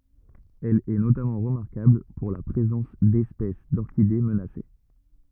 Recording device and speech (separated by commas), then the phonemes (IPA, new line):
rigid in-ear microphone, read sentence
ɛl ɛ notamɑ̃ ʁəmaʁkabl puʁ la pʁezɑ̃s dɛspɛs dɔʁkide mənase